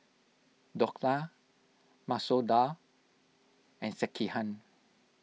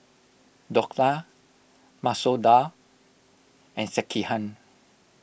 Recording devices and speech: mobile phone (iPhone 6), boundary microphone (BM630), read sentence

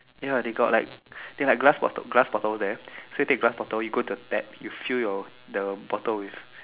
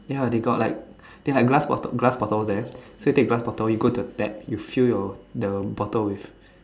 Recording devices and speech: telephone, standing microphone, conversation in separate rooms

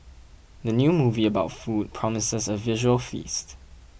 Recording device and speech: boundary microphone (BM630), read sentence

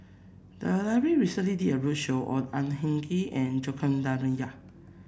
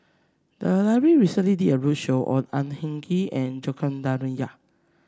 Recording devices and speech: boundary microphone (BM630), standing microphone (AKG C214), read sentence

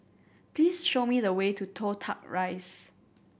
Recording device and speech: boundary microphone (BM630), read sentence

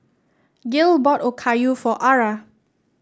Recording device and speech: standing microphone (AKG C214), read sentence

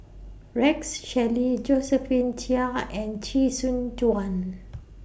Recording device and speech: boundary microphone (BM630), read sentence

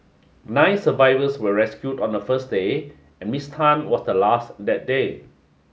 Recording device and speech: mobile phone (Samsung S8), read sentence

